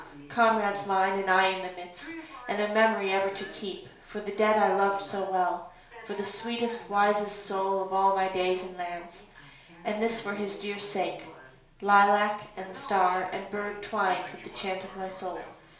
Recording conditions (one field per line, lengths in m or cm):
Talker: one person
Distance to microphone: 1.0 m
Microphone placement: close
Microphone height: 1.1 m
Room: small (3.7 m by 2.7 m)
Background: television